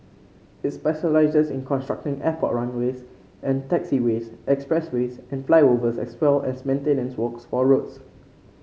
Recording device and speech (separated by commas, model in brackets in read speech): mobile phone (Samsung C5), read sentence